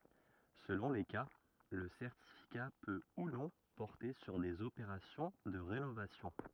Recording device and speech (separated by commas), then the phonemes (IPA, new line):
rigid in-ear microphone, read sentence
səlɔ̃ le ka lə sɛʁtifika pø u nɔ̃ pɔʁte syʁ dez opeʁasjɔ̃ də ʁenovasjɔ̃